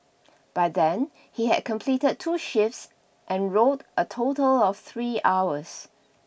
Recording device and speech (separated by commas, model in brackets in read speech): boundary microphone (BM630), read sentence